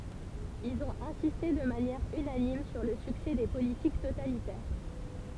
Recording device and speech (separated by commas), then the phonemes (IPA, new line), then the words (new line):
temple vibration pickup, read sentence
ilz ɔ̃t ɛ̃siste də manjɛʁ ynanim syʁ lə syksɛ de politik totalitɛʁ
Ils ont insisté de manière unanime sur le succès des politiques totalitaires.